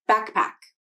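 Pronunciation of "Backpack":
In 'backpack', the k at the end of 'back' has a mini release before the p of 'pack'.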